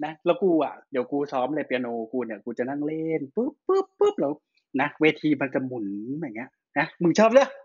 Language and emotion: Thai, happy